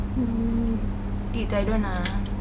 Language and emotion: Thai, sad